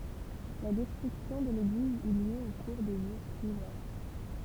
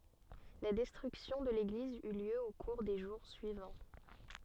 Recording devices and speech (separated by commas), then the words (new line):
temple vibration pickup, soft in-ear microphone, read sentence
La destruction de l'église eut lieu au cours des jours suivants.